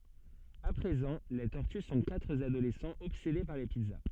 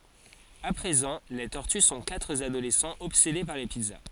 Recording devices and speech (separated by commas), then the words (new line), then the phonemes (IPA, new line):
soft in-ear microphone, forehead accelerometer, read sentence
À présent, les tortues sont quatre adolescents obsédés par les pizzas.
a pʁezɑ̃ le tɔʁty sɔ̃ katʁ adolɛsɑ̃z ɔbsede paʁ le pizza